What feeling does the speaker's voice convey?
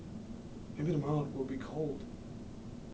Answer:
sad